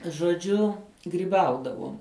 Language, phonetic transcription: Lithuanian, žoˈdžiu gryˈbaudavuom

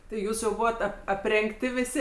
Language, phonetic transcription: Lithuanian, ti ˈjūs jau ˈbūvat ap aprengˈti viˈsi

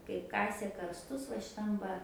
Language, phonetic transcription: Lithuanian, kaip ˈkasė karsˈtus va šiˈtam va

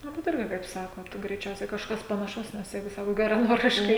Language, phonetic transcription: Lithuanian, ˈnu bet ˈirgi kaip ˈsakot greiˈčiausiai kažˈkas panaˈšaus nes ˈjeigu ˈsakot geraˈnoriškai

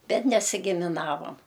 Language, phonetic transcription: Lithuanian, ˈbet nesigimiˈnavom

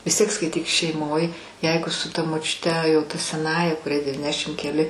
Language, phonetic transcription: Lithuanian, vis ˈtiek skaiˈtyk šeiˈmoj ˈjeigu su ta močiuˈte jau ta seˈnąja kuˈriai devyˈnešim keˈli

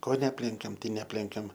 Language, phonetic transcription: Lithuanian, ˈko neˈaplenkiam ˈtai neˈaplenkiam

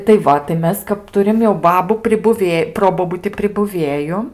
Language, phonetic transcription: Lithuanian, tai ˈva tai ˈmes kap ˈturim jau ˈbabų pribuˈvė ˈprobobuti pribuˈvėju

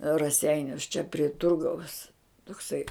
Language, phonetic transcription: Lithuanian, raˈseinius čia pri ˈturgaus tokˈsai

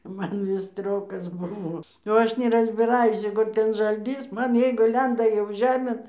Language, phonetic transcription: Lithuanian, ˈman ˈvis ˈstriokas buˈvo jau ˈaš neˈrazbiraˈjus jau ˈku ten žalˈtys ˈman ˈjeigu ˈlenda jau ˈžemėn

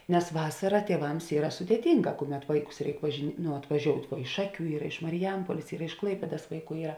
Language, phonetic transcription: Lithuanian, nes ˈvasara tieˈvams ˈyra sudėˈtinˌgā ˈkuˌmet ˈvaiˌkus ˈreik važi ˈnu atvaˈžiout' ˈvuo iš ˈšaˌkių ˈyra iš mariˈjampuolės ˈyra iš ˈklaipėdas ˈvaiˌkų ˈyra

